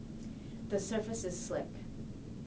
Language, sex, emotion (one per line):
English
female
neutral